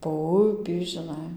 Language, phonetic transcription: Lithuanian, po ˈupį žiˈnai

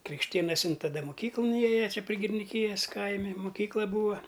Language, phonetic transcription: Lithuanian, krikšˈtėnasin taˈda moˈkyklun ˈėja ˈčia pri giriniˈkyjas ˈkaimi muˈkykla ˈbūa

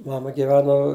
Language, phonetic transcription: Lithuanian, ˈmama giˈveno

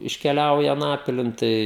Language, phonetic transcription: Lithuanian, iškeˈliauja aˈnapilin ˈtai

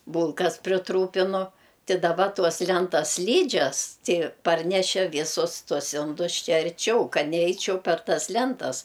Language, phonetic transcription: Lithuanian, ˈbūlkas priˈtrūpinu ˈti daˈba ˈtuos ˈlentas ˈslydžias ˈti ˈparnešė ˈvysus ˈtuos ˈindus ˈčia arˈčiau ˈkad neˈeičiau per ˈtas ˈlentas

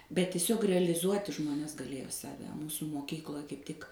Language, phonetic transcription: Lithuanian, bet tiˈsiog reliˈzuoti ˈžmones gaˈlėjo ˈsave ˈmūsu moˈkykloj kaip ˈtik

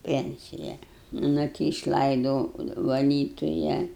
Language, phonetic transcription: Lithuanian, ˈpencija ˈnu ti išˈlaidou vaˈlytuja

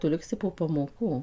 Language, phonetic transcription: Lithuanian, ˈtu ˈliksi po pamoˈkų

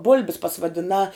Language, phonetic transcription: Lithuanian, ˈbul'bis pasvadiˈnā

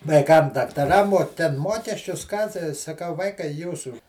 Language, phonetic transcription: Lithuanian, vaiˈkam daktaˈram o ˈten ˈmuokesčius ˈką tai saˈkau ˈvaikai ˈjūsų

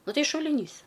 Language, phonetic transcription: Lithuanian, ˈnu ˈtai šuliˈnys

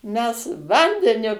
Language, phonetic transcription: Lithuanian, ˈmes ˈvandeniu

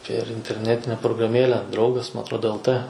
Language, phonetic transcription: Lithuanian, pėr interˈnetine prograˈmėle ˈdraugas ma atrˈodo el t

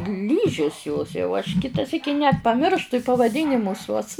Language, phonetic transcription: Lithuanian, ˈlyžis jos jau aš ˈkita ˈsyki net paˈmirštu i pavaˈdynimus uos

